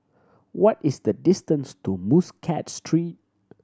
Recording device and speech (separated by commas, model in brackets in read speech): standing microphone (AKG C214), read sentence